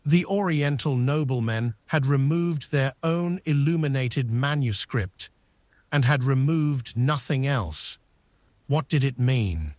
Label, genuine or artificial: artificial